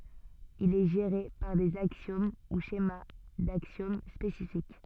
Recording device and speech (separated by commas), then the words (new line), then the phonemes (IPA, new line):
soft in-ear microphone, read sentence
Il est géré par des axiomes ou schémas d'axiomes spécifiques.
il ɛ ʒeʁe paʁ dez aksjom u ʃema daksjom spesifik